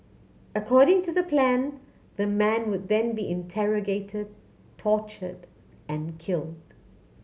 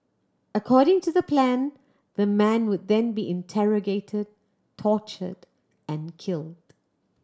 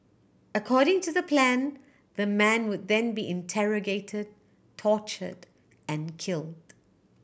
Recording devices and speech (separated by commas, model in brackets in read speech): mobile phone (Samsung C7100), standing microphone (AKG C214), boundary microphone (BM630), read sentence